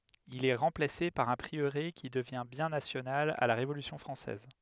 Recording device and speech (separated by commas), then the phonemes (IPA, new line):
headset microphone, read sentence
il ɛ ʁɑ̃plase paʁ œ̃ pʁiøʁe ki dəvjɛ̃ bjɛ̃ nasjonal a la ʁevolysjɔ̃ fʁɑ̃sɛz